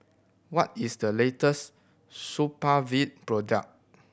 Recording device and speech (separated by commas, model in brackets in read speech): boundary microphone (BM630), read sentence